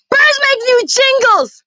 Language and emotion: English, sad